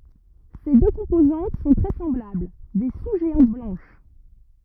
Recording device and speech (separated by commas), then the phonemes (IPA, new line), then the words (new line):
rigid in-ear microphone, read sentence
se dø kɔ̃pozɑ̃t sɔ̃ tʁɛ sɑ̃blabl de su ʒeɑ̃t blɑ̃ʃ
Ses deux composantes sont très semblables, des sous-géantes blanches.